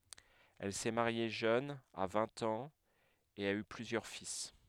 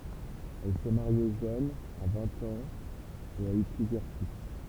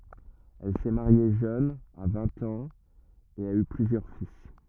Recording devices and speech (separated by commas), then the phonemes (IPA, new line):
headset microphone, temple vibration pickup, rigid in-ear microphone, read sentence
ɛl sɛ maʁje ʒøn a vɛ̃t ɑ̃z e a y plyzjœʁ fil